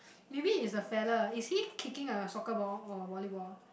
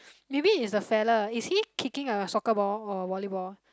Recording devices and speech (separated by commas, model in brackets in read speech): boundary microphone, close-talking microphone, conversation in the same room